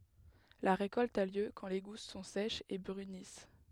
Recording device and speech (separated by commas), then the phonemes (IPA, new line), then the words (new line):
headset microphone, read sentence
la ʁekɔlt a ljø kɑ̃ le ɡus sɔ̃ sɛʃz e bʁynis
La récolte a lieu quand les gousses sont sèches et brunissent.